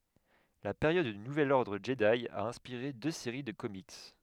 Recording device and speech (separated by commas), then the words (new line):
headset microphone, read sentence
La période du Nouvel Ordre Jedi a inspiré deux séries de comics.